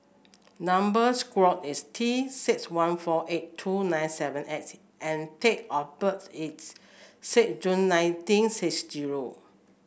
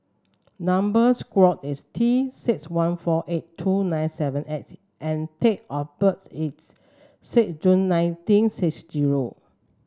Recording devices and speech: boundary microphone (BM630), standing microphone (AKG C214), read sentence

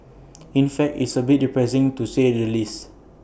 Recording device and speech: boundary microphone (BM630), read sentence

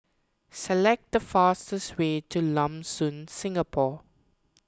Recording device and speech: close-talking microphone (WH20), read sentence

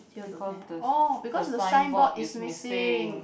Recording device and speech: boundary microphone, conversation in the same room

